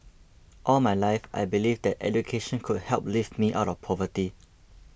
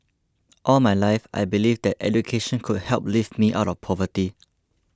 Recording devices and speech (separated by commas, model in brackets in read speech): boundary microphone (BM630), close-talking microphone (WH20), read sentence